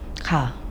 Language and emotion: Thai, frustrated